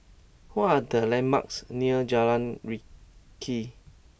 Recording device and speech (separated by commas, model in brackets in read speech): boundary microphone (BM630), read sentence